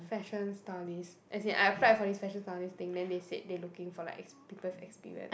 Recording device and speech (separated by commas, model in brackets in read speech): boundary microphone, conversation in the same room